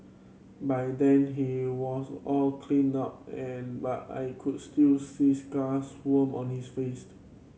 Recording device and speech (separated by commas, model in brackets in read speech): mobile phone (Samsung C7100), read sentence